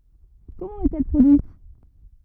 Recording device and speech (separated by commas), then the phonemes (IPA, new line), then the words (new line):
rigid in-ear microphone, read sentence
kɔmɑ̃ ɛt ɛl pʁodyit
Comment est-elle produite?